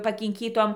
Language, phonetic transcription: Lithuanian, pakinˈkytom

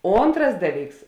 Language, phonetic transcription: Lithuanian, ˈontras ˈdaˌlyks

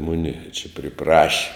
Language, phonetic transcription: Lithuanian, ˈmuni čia priˈpraši

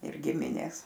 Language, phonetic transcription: Lithuanian, ir ˈgiminės

